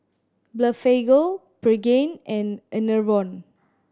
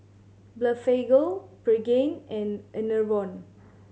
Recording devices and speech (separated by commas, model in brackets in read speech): standing microphone (AKG C214), mobile phone (Samsung C7100), read sentence